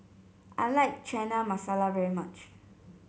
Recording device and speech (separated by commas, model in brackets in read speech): mobile phone (Samsung C7), read sentence